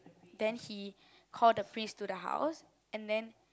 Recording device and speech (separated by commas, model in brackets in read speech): close-talking microphone, conversation in the same room